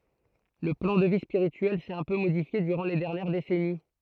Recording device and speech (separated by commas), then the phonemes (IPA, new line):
throat microphone, read sentence
lə plɑ̃ də vi spiʁityɛl sɛt œ̃ pø modifje dyʁɑ̃ le dɛʁnjɛʁ desɛni